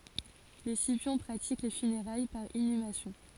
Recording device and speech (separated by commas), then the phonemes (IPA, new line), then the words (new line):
forehead accelerometer, read sentence
le sipjɔ̃ pʁatik le fyneʁaj paʁ inymasjɔ̃
Les Scipions pratiquent les funérailles par inhumation.